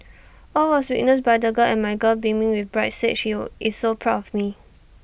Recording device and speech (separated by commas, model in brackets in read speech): boundary microphone (BM630), read sentence